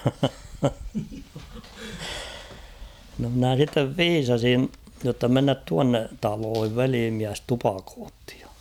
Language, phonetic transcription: Finnish, no mnä̀ sittev "viisasin , jotta 'mennät 'tuanne , 'taloohiv "veliimiäs 'tupakoottɪ ᴊᴀ .
- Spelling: no minä sitten viisasin jotta mennään tuonne taloihin velimies tupakoi ja

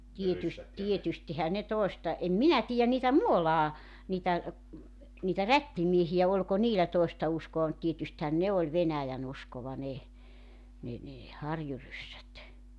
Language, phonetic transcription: Finnish, 'tietys- , 'tietystihä ne 'tòesta , 'em "minä 'tiijän niitä "Muolaa , 'niitä , niitä "rättimiehijä 'oĺko "niilä 'toesta 'uskoa mut 'tietysthän "ne oĺ 'venäjänuskova 'ne , 'ne ne , 'harjuryssät .
- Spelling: - tietystihän ne toista en minä tiedä niitä Muolaan niitä niitä rättimiehiä oliko niillä toista uskoa mutta tietystihän ne oli venäjänuskoa ne ne ne harjuryssät

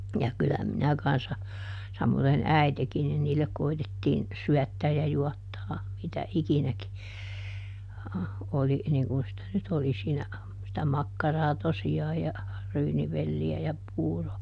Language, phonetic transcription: Finnish, ja ˈkyllä minä kanssa , samoδen "äitekin nin niillek ˈkoitettiin , ˈsyättääj ja ˈjuattaa , mitä "ikinäki , oli niiŋ kun sⁱtä nyt ˈoli siinä , sitä "makkaraa tosi₍aaj ja , ˈryynivelli₍ä ja ˈpuuro .
- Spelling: ja kyllä minä kanssa samoiten äitikin niin niille koetettiin syöttää ja juottaa mitä ikinäkin oli niin kun sitä nyt oli siinä sitä makkaraa tosiaan ja ryynivelliä ja puuro

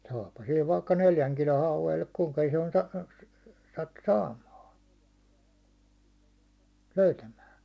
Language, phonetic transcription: Finnish, saapha sil vaikka "neljäŋ kilo 'hauven , (elli) kuŋka ison sa- , sattu "saamaa , 'löytämää .
- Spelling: saahan sillä vaikka neljän kilon hauen eli kuinka ison - sattui saamaan löytämään

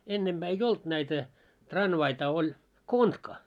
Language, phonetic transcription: Finnish, 'ennemʙää ei "olt näitä , 'tranvaita oĺ , "kontka .
- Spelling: ennempää ei ollut näitä tranvaita oli kontka

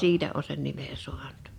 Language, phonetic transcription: Finnish, siitä o sen 'nime 'su̬aɴᵁt .
- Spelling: siitä on sen nimen saanut

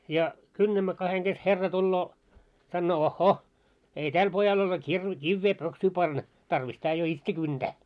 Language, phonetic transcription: Finnish, ja , 'kynnämmä kaheŋ ɢes 'herra tulloo , sannoo » 'oh'hoh , ei "täl pojal ole kirve- 'kivvee 'pöksyy panna , tarvis tää jo "itse 'kynᴅää « .
- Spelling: ja kynnämme kahden kesken herra tulee sanoo ohhoh ei tällä pojalla ole - kiveä pöksyyn panna tarvis tämä jo itse kyntää

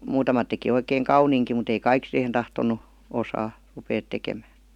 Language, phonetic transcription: Finnish, 'muutamat teki 'oikeeŋ "kauniiŋki mut ‿ei "kaik sihen 'tahton̆nu , 'osaa , rupeet 'tekemää .
- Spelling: muutamat teki oikein kauniinkin mutta ei kaikki siihen tahtonut osata ruveta tekemään

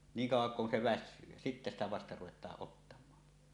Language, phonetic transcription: Finnish, 'niiŋ 'kauw̆waŋ kun se "väs̆syy , jä sittä ‿stä "vasta 'ruwet̀aaˀ 'ˀottam̀aa .
- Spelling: niin kauan kuin se väsyy ja sitten sitä vasta ruvetaan ottamaan

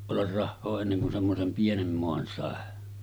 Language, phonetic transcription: Finnish, ollar 'rahhoo enneŋ kun semmosem 'pienem 'moan sàe .
- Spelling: olla rahaa ennen kuin semmoisen pienen maan sai

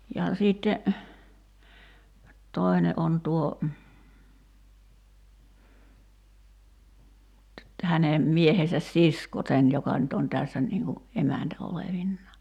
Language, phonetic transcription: Finnish, ja siitte , 'toi̬ne ’on 'tuo , 'häne 'miehesäs "sisko 'sen joka nyt on 'tässä niiŋ ku , 'emäntä 'olevinnaa .
- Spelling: ja sitten toinen on tuo hänen miehensä sisko sen joka nyt on tässä niin kuin emäntä olevinaan

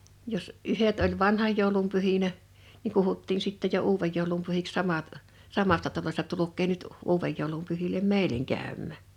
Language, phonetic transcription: Finnish, 'jos , '’yhet oĺ "vanhaj jòulum 'pyhinä , niŋ 'kuhuttiin sittej̆ jo "uuvej jòulum pyhiks 'samat , 'samasta 'talośta » 'tuluk̆kee nyt , 'uuvej jòulum pyhilem "mèileŋ 'kä̀ymmä̀ « .
- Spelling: jos yhdet oli vanhan joulun pyhinä niin kutsuttiin sitten jo uuden joulun pyhiksi samat samasta talosta tulkaa nyt uuden joulun pyhille meille käymään

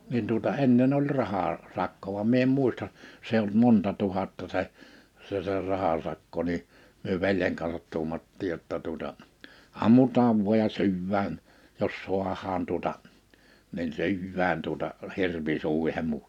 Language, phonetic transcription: Finnish, nin tuᵒta 'ennen ‿oĺ 'raha- , -'sakko vam 'mie em 'mùista , 's ‿eij ‿olt 'monta 'tuhatta se , 'se se 'rahasakko ni , myö 'veljeŋ kansat 'tuumattiij jotta tuᵒta , '’ammutaav vu̬aj ja 'sy̬yvvään , jos 'su̬ahaan tuᵒta , nin 'sy̬yvvään tuᵒta , 'hirvi 'sùihemmu .
- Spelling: niin tuota ennen oli - rahasakko vaan minä en muista se ei ollut monta tuhatta se se se rahasakko niin me veljen kanssa tuumattiin jotta tuota ammutaan vain ja syödään jos saadaan tuota niin syödään tuota hirvi suihimme

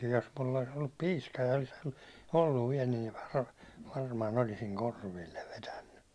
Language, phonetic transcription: Finnish, jos mull ‿olis ollup 'pii§ska ja , olis 'olluv viɛl , niiv var- 'varmaan olisiŋ "korvillev 'vetänny .
- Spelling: jos minulla olisi ollut piiska ja olisi ollut vielä niin - varmaan olisin korville vetänyt

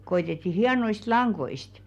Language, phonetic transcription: Finnish, 'koitetti 'hianoist "laŋɢoist .
- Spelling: koetettiin hienoista langoista

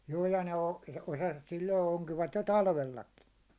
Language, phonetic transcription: Finnish, 'juu ja ne o- , 'osasvat silloi 'oŋkivat jo "talvellaki .
- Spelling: juu ja ne on osasivat silloin onkivat jo talvellakin

